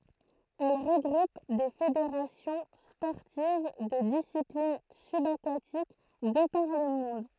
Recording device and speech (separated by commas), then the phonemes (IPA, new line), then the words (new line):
throat microphone, read sentence
ɛl ʁəɡʁup de fedeʁasjɔ̃ spɔʁtiv də disiplin sybakatik də paʁ lə mɔ̃d
Elle regroupe des fédérations sportives de disciplines subaquatiques de par le monde.